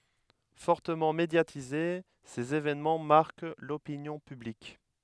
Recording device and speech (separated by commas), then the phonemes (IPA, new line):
headset microphone, read sentence
fɔʁtəmɑ̃ medjatize sez evɛnmɑ̃ maʁk lopinjɔ̃ pyblik